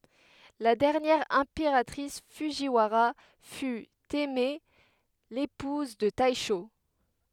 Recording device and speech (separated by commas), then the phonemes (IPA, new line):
headset microphone, read sentence
la dɛʁnjɛʁ ɛ̃peʁatʁis fudʒiwaʁa fy tɛmɛ epuz də tɛʃo